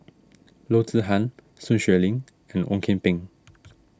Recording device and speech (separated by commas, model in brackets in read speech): standing microphone (AKG C214), read sentence